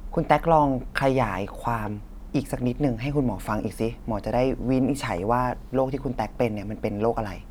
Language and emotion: Thai, neutral